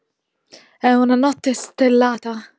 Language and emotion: Italian, fearful